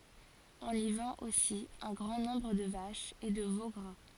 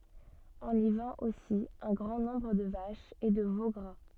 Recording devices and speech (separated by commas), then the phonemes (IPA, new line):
forehead accelerometer, soft in-ear microphone, read sentence
ɔ̃n i vɑ̃t osi œ̃ ɡʁɑ̃ nɔ̃bʁ də vaʃz e də vo ɡʁa